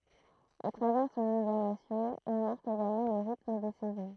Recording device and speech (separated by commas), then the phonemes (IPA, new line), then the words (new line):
throat microphone, read sentence
a tʁavɛʁ sɔ̃n ibɛʁnasjɔ̃ il maʁk eɡalmɑ̃ lə ʁitm de sɛzɔ̃
A travers son hibernation, il marque également le rythme des saisons.